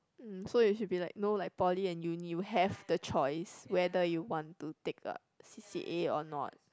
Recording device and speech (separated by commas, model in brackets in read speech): close-talking microphone, conversation in the same room